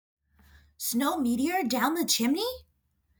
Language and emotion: English, surprised